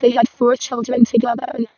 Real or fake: fake